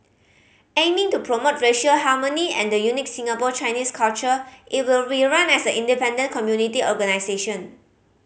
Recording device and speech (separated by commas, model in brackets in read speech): mobile phone (Samsung C5010), read sentence